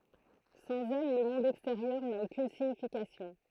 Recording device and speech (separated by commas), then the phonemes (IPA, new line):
throat microphone, read sentence
sɑ̃z ɛl lə mɔ̃d ɛksteʁjœʁ na okyn siɲifikasjɔ̃